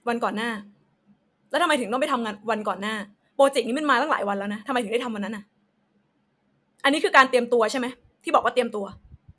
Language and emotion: Thai, angry